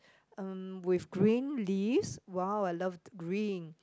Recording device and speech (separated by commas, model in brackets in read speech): close-talking microphone, conversation in the same room